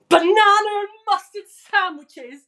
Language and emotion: English, disgusted